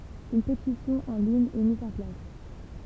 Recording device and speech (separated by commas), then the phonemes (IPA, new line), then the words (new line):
temple vibration pickup, read sentence
yn petisjɔ̃ ɑ̃ liɲ ɛ miz ɑ̃ plas
Une pétition en ligne est mise en place.